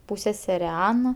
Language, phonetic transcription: Lithuanian, ˈpūssesere ˈana

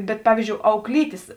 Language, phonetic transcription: Lithuanian, ˈbet ˈpavyzdžiou auklˈytės

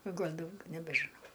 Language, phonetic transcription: Lithuanian, o ˈgal' ˈdaugia nebežiˈnau

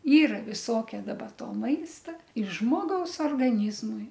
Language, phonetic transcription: Lithuanian, ˈyra viˈsokia daˈba ˈto ˈmaista i ˈžmogaus orgaˈnyzmui

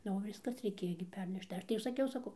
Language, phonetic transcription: Lithuanian, ˈnu o ˈviskas reiˈkėjo gi ˈpernešt tai ˈaš tai jau saˈkiau saˈkau

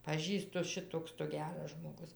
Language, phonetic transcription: Lithuanian, paˈžįstu ˈšitoks tu ˈgeras žmoˈgus

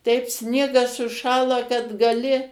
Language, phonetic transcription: Lithuanian, teip ˈsniegas suˈšąla kad gaˈli

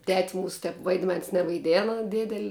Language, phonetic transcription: Lithuanian, tet's' ˈmūsu ˈtep vaidˈmens nevaiˈdėna ˈdėdel'

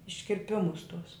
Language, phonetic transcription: Lithuanian, iškirˈpimus tus

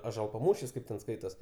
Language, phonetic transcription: Lithuanian, ažuolpaˈmūšis ˈkaip ten ˈskaitos

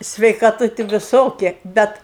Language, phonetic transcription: Lithuanian, sveikaˈtu ti viˈsoki ˈbet

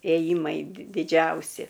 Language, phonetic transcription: Lithuanian, ėˈjymai di diˈdžiausi

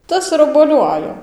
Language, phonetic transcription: Lithuanian, ˈtas ir obuoˈliu ˈajo

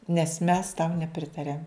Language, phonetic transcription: Lithuanian, nes mes tau neˈpritariam

